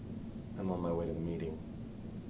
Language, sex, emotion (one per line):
English
male
neutral